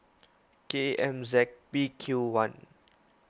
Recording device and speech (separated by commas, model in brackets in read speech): close-talking microphone (WH20), read sentence